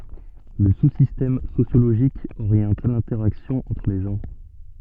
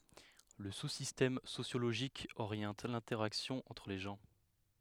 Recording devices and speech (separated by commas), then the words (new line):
soft in-ear microphone, headset microphone, read sentence
Le sous-système sociologique oriente l’interaction entre les gens.